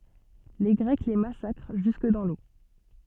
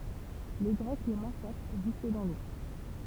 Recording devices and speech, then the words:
soft in-ear microphone, temple vibration pickup, read sentence
Les Grecs les massacrent jusque dans l'eau.

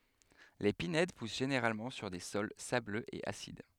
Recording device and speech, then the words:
headset microphone, read sentence
Les pinèdes poussent généralement sur des sols sableux et acides.

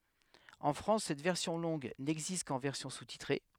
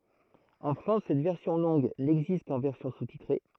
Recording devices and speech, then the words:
headset microphone, throat microphone, read sentence
En France, cette version longue n'existe qu'en version sous-titrée.

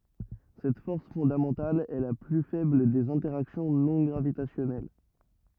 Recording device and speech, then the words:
rigid in-ear microphone, read sentence
Cette force fondamentale est la plus faible des interactions non gravitationnelles.

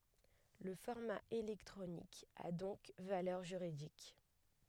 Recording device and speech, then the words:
headset microphone, read sentence
Le format électronique a donc valeur juridique.

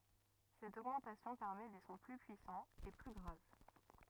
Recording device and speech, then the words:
rigid in-ear microphone, read sentence
Cette augmentation permet des sons plus puissants et plus graves.

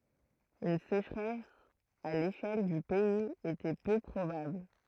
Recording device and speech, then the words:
throat microphone, read sentence
Une sécheresse à l'échelle du pays était peu probable.

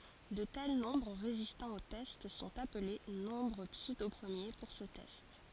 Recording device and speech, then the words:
forehead accelerometer, read sentence
De tels nombres résistant au test sont appelés nombres pseudopremiers pour ce test.

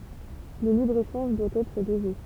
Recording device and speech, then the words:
temple vibration pickup, read sentence
Le libre-échange doit être dosé.

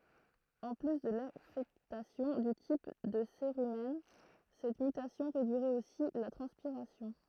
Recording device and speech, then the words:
throat microphone, read sentence
En plus de l'affectation du type de cérumen, cette mutation réduirait aussi la transpiration.

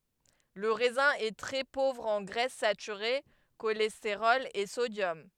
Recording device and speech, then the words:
headset microphone, read sentence
Le raisin est très pauvre en graisses saturées, cholestérol et sodium.

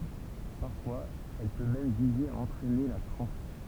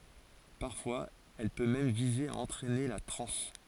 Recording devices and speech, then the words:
temple vibration pickup, forehead accelerometer, read sentence
Parfois elle peut même viser à entraîner la transe.

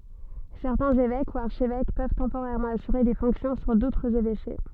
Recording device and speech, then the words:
soft in-ear microphone, read sentence
Certains évêques ou archevêques peuvent temporairement assurer des fonctions sur d'autres évêchés.

